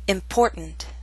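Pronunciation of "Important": In 'important', there is a glottal stop before the unstressed N sound.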